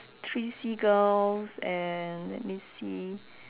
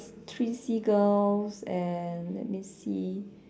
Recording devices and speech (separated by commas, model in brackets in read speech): telephone, standing microphone, conversation in separate rooms